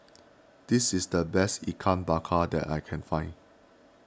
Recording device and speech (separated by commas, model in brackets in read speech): standing microphone (AKG C214), read sentence